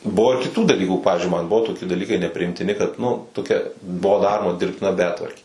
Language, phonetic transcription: Lithuanian, ˈbuvo ir kiˈtų daˈlykų ˈpavizdžiui man ˈbuvo toˈki daˈlykai nepriimtiˈni kad nu toˈkia ˈbuo ˈdaroma dirbtiˈna ˈbetvarkė

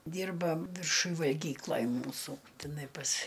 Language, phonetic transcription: Lithuanian, ˈdyrba virˈšuj valˈgyklaj ˈmūsų tiˈnai pas

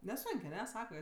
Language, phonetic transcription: Lithuanian, neˈsonk' aˈne ˈsaka

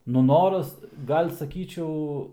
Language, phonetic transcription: Lithuanian, ˈnu ˈnoras ˈgal' saˈkyčiau

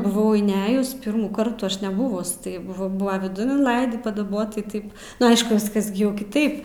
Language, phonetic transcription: Lithuanian, buˈvau inˈejus ˈpirmųˌkart ˈaš neˈbuvus ˈtai ˈbuvo ˈbuva viˈdun inˈlaidį padaˈbot tai ˈtaip ˈnu ˈaišku ˈviskas gi ˈjau kiˈtaip

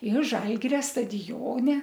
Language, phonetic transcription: Lithuanian, ir ˈžalgiria stadiˈjone

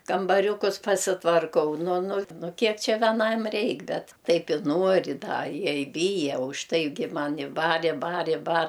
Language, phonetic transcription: Lithuanian, kambaˈriukus pasitvarˈkau ˈnu ˈnu ˈnu ˈkiek ˈčia veˈnam ˈreik ˈbet ˈtaip i ˈnuori ˈda ˈjie i ˈbyja užˈtaigi ˈmani ˈbar i ˈbar i bar

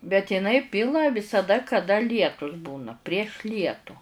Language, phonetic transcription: Lithuanian, bet iˈnai ˈpila visaˈda kaˈda ˈlietus ˈbūna prieš ˈlietu

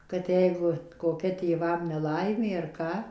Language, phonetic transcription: Lithuanian, kad ˈjeigu koˈkia tėˈvam neˈlaimė ar ˈką

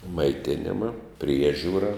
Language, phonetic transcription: Lithuanian, maiˈtinima ˈpriežiūra

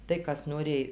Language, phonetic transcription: Lithuanian, tai ˈkas noˈrėj

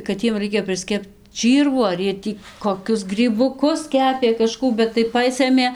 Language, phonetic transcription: Lithuanian, kad ˈjiem ˈraikia prisˈkept ˈčyrvų ar ˈjie ˈtį koˈkius grybuˈkus ˈkepė kaˈžkų bet tai ˈpasɘmė

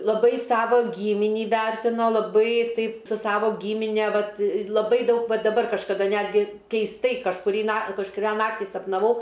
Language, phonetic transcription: Lithuanian, laˈbai ˈsavo ˈgyminį ˈvertino laˈbai ˈtaip su ˈsavo ˈgymine ˈvat laˈbai ˈdaug ˈva daˈbar kažkaˈda ˈnetgi keisˈtai kažkuˈrį na kažkuˈrią ˈnaktį sapnaˈvau

